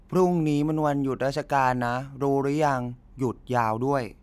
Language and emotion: Thai, neutral